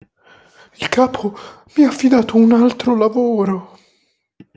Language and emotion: Italian, fearful